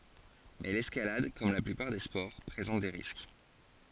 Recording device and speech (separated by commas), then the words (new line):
forehead accelerometer, read sentence
Mais l'escalade, comme la plupart des sports, présente des risques.